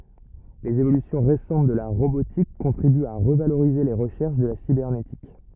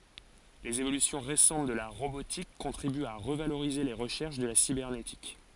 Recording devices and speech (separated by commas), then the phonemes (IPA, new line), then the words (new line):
rigid in-ear microphone, forehead accelerometer, read sentence
lez evolysjɔ̃ ʁesɑ̃t də la ʁobotik kɔ̃tʁibyt a ʁəvaloʁize le ʁəʃɛʁʃ də la sibɛʁnetik
Les évolutions récentes de la robotique contribuent à revaloriser les recherches de la cybernétique.